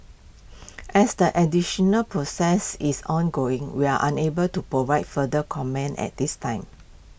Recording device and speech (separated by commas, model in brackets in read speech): boundary microphone (BM630), read sentence